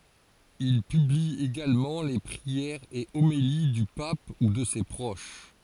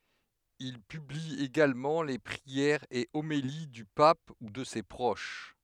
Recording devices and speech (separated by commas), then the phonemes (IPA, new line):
forehead accelerometer, headset microphone, read sentence
il pybli eɡalmɑ̃ le pʁiɛʁz e omeli dy pap u də se pʁoʃ